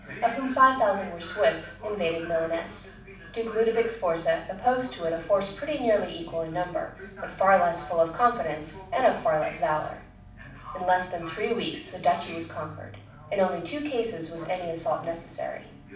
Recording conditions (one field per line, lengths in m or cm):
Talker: one person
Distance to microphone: 5.8 m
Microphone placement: far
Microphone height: 1.8 m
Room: medium-sized (5.7 m by 4.0 m)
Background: television